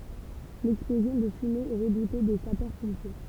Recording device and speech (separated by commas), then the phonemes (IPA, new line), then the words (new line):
temple vibration pickup, read sentence
lɛksplozjɔ̃ də fymez ɛ ʁədute de sapœʁspɔ̃pje
L'explosion de fumées est redoutée des sapeurs-pompiers.